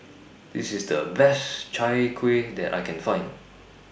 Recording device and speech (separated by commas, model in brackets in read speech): boundary microphone (BM630), read sentence